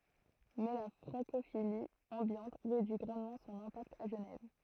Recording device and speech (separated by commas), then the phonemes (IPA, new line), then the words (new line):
throat microphone, read sentence
mɛ la fʁɑ̃kofili ɑ̃bjɑ̃t ʁedyi ɡʁɑ̃dmɑ̃ sɔ̃n ɛ̃pakt a ʒənɛv
Mais la francophilie ambiante réduit grandement son impact à Genève.